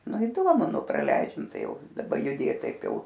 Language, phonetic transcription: Lithuanian, ˈnu iˈdomu ˈnu praˈleidžiam ˈtai ˈjau daˈba juˈdėt ˈtaip ˈjau

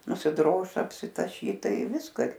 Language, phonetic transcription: Lithuanian, nusiˈdroš apsitaˈšyt ˈtai ˈviską ir

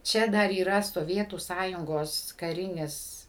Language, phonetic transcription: Lithuanian, ˈčia dar yˈra soˈvietų ˈsąjungos kaˈrinis

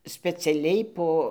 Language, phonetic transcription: Lithuanian, speciaˈliai ˈpo

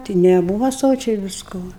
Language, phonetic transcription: Lithuanian, ˈti neˈbūva ˈsočiai visˈko

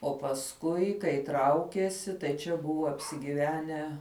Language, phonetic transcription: Lithuanian, o pasˈkui kai ˈtraukiesi tai ˈčia ˈbuvo apsigyˈvenę

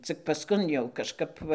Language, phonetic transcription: Lithuanian, ˈcik pasˈkun jau kažˈkap va

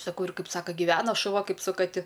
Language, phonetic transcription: Lithuanian, saˈkau ir ˈkaip ˈsaka giˈvena šuˈva ˈkaip su kaˈti

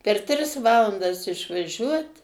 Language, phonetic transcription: Lithuanian, per ˈtris ˈvalandas išvaˈžiuot

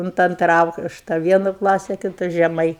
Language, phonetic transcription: Lithuanian, unt ˈantra ˈaukšta ˈvienu ˈklasi kiˈtu žeˈmai

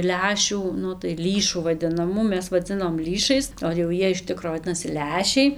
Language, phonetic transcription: Lithuanian, ˈlęšių ˈnu tai ˈlįšų vadinaˈmų ˈmes vaˈdzinom ˈlįšais o jau ˈjie iš ˈtikro vaˈdinasi ˈlęšiai

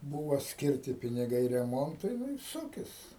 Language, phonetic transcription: Lithuanian, ˈbūva ˈskirti piniˈgai reˈmontui ˈnu ir ˈsukis

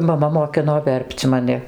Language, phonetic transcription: Lithuanian, maˈma moˈkino ˈver'p'c' maˈni

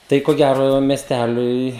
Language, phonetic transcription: Lithuanian, ˈtai ko ˈgæro mesˈtæliui

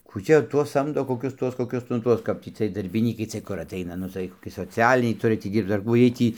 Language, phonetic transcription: Lithuanian, kų ˈčia ˈtuos ˈsamdo koˈkius ˈtuos koˈkius nu ˈtuos ˈkap tį ciej darbiˈnykai ˈciej kur atˈaina ˈnu tai koˈki soˈcialiniai ˈturi tį ˈdyrbc ar ˈkų ˈjiej ˈtį

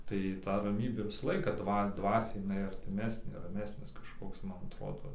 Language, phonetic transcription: Lithuanian, tai ˈta raˈmybė visa ˈlaiką ˈdva ˈdvasiai jiˈnai artiˈmesnė raˈmesnis kažˈkoks ˈmman atˈrodo

